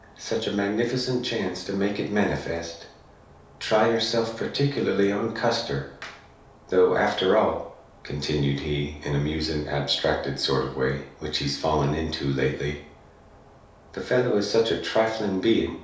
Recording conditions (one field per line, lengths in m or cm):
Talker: one person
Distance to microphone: 3.0 m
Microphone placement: far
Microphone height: 1.8 m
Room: small (3.7 m by 2.7 m)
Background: none